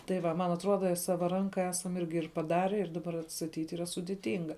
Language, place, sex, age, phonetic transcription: Lithuanian, Žemaitija, female, 18-60, tai ˈva man atˈruoda ˈsava ˈranka ˈesam ˈirgi ir paˈdare ir daˈbar atstatyt' ˈyra sudiˈtinga

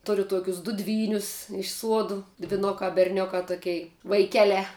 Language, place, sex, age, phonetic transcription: Lithuanian, Žemaitija, female, 18-60, ˈturiu ˈtuokius du ˈdvynius iš ˈsuodu dviˈnukā berˈniukā ˈtokei vaiˈkelē

